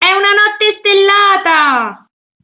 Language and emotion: Italian, happy